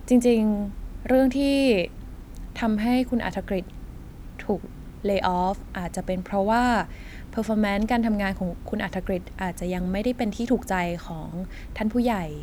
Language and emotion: Thai, neutral